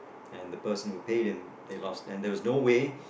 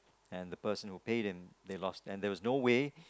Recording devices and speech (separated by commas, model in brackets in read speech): boundary microphone, close-talking microphone, conversation in the same room